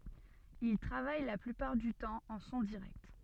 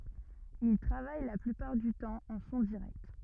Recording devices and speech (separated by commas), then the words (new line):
soft in-ear microphone, rigid in-ear microphone, read sentence
Il travaille la plupart du temps en son direct.